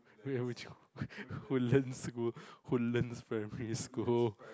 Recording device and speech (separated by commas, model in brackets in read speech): close-talking microphone, conversation in the same room